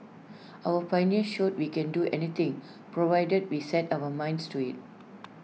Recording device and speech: mobile phone (iPhone 6), read sentence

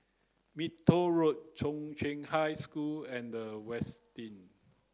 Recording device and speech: close-talking microphone (WH30), read sentence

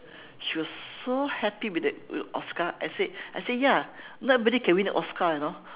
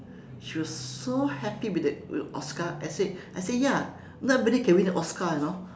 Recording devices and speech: telephone, standing microphone, conversation in separate rooms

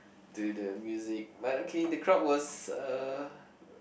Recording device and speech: boundary microphone, conversation in the same room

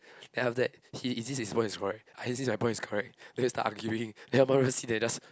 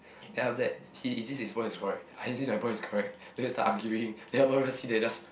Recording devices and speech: close-talking microphone, boundary microphone, conversation in the same room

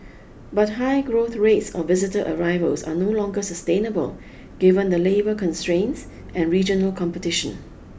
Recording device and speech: boundary microphone (BM630), read sentence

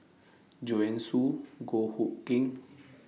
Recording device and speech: mobile phone (iPhone 6), read sentence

